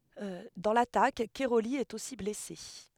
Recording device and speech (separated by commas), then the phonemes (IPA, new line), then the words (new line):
headset microphone, read sentence
dɑ̃ latak kɛʁoli ɛt osi blɛse
Dans l'attaque, Cairoli est aussi blessé.